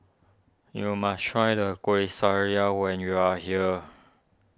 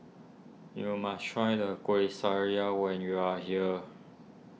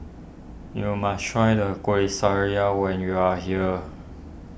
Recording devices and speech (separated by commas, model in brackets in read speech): standing microphone (AKG C214), mobile phone (iPhone 6), boundary microphone (BM630), read sentence